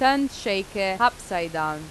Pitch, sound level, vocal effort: 195 Hz, 90 dB SPL, loud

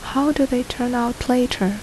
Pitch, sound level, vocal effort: 250 Hz, 71 dB SPL, soft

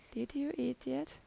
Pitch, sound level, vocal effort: 155 Hz, 81 dB SPL, soft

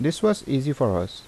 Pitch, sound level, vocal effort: 140 Hz, 80 dB SPL, normal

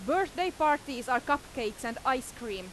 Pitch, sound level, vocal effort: 260 Hz, 94 dB SPL, very loud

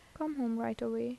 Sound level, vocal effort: 77 dB SPL, soft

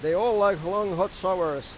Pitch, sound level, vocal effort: 195 Hz, 98 dB SPL, loud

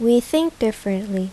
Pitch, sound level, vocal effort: 225 Hz, 81 dB SPL, normal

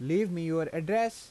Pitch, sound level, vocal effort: 170 Hz, 88 dB SPL, normal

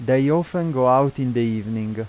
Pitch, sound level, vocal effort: 130 Hz, 88 dB SPL, normal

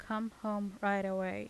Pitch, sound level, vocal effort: 200 Hz, 83 dB SPL, normal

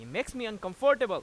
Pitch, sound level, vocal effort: 225 Hz, 100 dB SPL, very loud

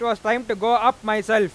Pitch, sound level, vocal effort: 225 Hz, 102 dB SPL, very loud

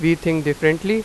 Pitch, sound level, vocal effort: 165 Hz, 91 dB SPL, loud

